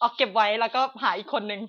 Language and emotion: Thai, sad